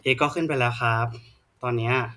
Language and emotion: Thai, neutral